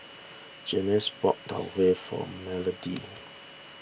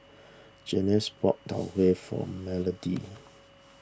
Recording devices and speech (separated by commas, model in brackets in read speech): boundary microphone (BM630), standing microphone (AKG C214), read sentence